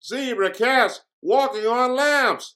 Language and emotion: English, happy